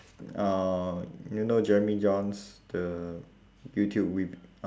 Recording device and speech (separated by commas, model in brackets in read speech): standing microphone, conversation in separate rooms